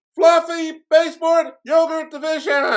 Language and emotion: English, neutral